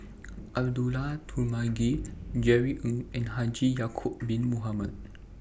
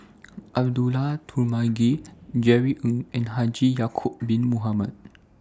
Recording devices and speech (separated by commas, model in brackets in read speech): boundary microphone (BM630), standing microphone (AKG C214), read sentence